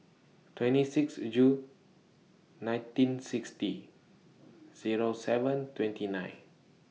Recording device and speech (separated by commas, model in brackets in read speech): mobile phone (iPhone 6), read sentence